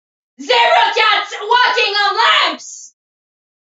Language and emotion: English, neutral